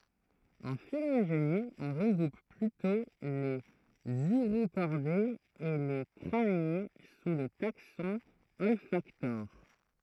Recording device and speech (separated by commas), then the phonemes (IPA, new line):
throat microphone, read sentence
ɑ̃ filoʒeni ɔ̃ ʁəɡʁup plytɔ̃ lez yʁokɔʁdez e le kʁanje su lə taksɔ̃ ɔlfaktoʁ